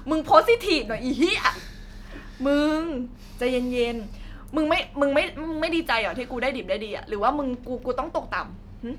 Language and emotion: Thai, sad